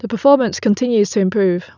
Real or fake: real